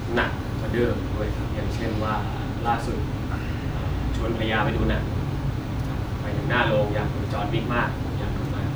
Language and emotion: Thai, neutral